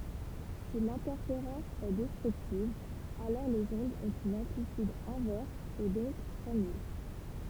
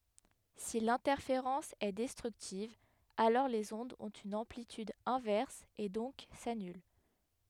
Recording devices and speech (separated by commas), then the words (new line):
temple vibration pickup, headset microphone, read sentence
Si l'interférence est destructive, alors les ondes ont une amplitude inverse et donc s'annulent.